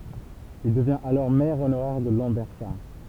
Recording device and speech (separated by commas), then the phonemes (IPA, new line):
temple vibration pickup, read sentence
il dəvjɛ̃t alɔʁ mɛʁ onoʁɛʁ də lɑ̃bɛʁsaʁ